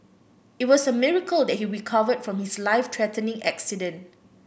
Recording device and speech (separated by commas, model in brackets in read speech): boundary microphone (BM630), read sentence